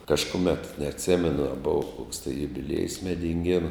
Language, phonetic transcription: Lithuanian, kažkuˈmet neatˈsemenu a ˈbuva koks tai jubiˈliejus medinˈgėnu

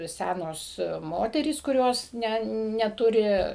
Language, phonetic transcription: Lithuanian, ˈsænos ˈmoterys kuˈrios ˈne neˈturi

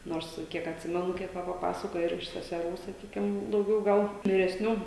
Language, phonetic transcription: Lithuanian, ˈnors ˈkiek atˈsimenu ˈkiek ˈva paˈpasakoja ir iš seseˈrų saˈkykim dauˈgiau ˈgal viresˈnių

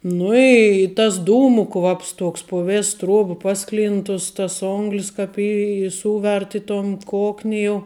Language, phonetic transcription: Lithuanian, ˈnu i tas ˈdūmu ˈkvaps ˈtuoks pu ˈvės ˈtruob ˈpaˌsklind tus ˈtas ˈonglis ˈkap i i ˈsūvert i ton ˈkokni jau

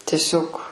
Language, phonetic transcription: Lithuanian, teˈsiog

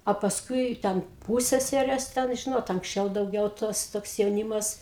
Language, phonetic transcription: Lithuanian, o pasˈkui ten ˈpūsseserės ten ˈžinot anksˈčiau dauˈgiau ˈtos ˈtoks jauˈnymas

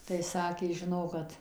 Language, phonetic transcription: Lithuanian, tai ˈsakė žiˈnok kad

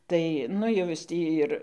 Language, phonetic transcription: Lithuanian, ˈtai ˈnu jau ˈjis ˈtį ir

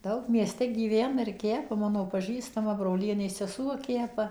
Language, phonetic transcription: Lithuanian, ˈdaug mieˈste gyˈvena ir ˈkepa ˈmano paˈžįstama broˈlienės seˈsuo ˈkepa

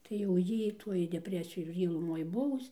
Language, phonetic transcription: Lithuanian, tai jau ˈjy ˈtuoj deˈpresiju ir ˈjy luˈmoj ˈbuvus

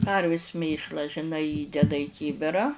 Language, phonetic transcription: Lithuanian, ˈkarvis ˈmėšla žiˈnai ˈįdeda į ˈkybira

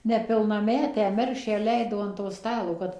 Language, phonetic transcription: Lithuanian, nepilnaˈmetę ˈmergšę ˈleido an to ˈstalo kad

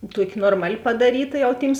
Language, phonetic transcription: Lithuanian, ˈtuoki ˈnormaˌli padaˈryta jau ˈtyms

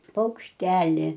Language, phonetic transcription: Lithuanian, paukšˈteli

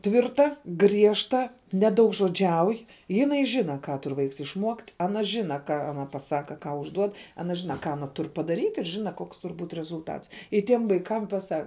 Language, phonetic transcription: Lithuanian, ˈtvirta ˈgriežta nedaugžoˈdžiauj jiˈnai ˈžina ˈką ˈtur ˈvaiks išˈmuokt aˈna ˈžina ˈką aˈna paˈsaka ˈką užˈduod aˈna ˈžina ˈką aˈna ˈtur padaˈryt' ir ˈžina ˈkoks ˈtur būt' rezulˈtats i ˈtiem vaiˈkam paˈsa

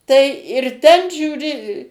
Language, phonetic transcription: Lithuanian, tai ir ˈten žiūˈri

